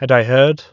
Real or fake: real